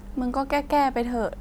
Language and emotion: Thai, frustrated